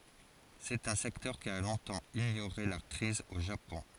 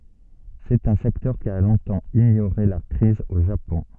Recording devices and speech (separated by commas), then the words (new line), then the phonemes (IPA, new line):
forehead accelerometer, soft in-ear microphone, read sentence
C'est un secteur qui a longtemps ignoré la crise au Japon.
sɛt œ̃ sɛktœʁ ki a lɔ̃tɑ̃ iɲoʁe la kʁiz o ʒapɔ̃